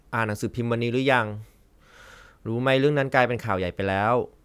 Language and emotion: Thai, frustrated